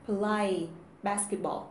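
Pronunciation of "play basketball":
'Play basketball' is pronounced incorrectly here.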